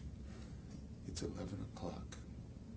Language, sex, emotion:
English, male, neutral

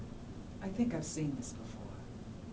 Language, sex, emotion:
English, female, neutral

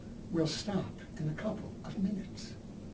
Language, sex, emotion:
English, male, neutral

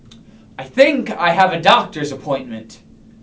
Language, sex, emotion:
English, male, neutral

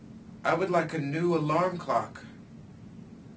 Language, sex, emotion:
English, male, neutral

